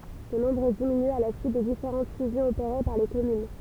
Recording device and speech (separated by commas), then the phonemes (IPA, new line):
temple vibration pickup, read sentence
sə nɔ̃bʁ diminy a la syit de difeʁɑ̃t fyzjɔ̃z opeʁe paʁ le kɔmyn